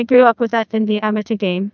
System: TTS, neural waveform model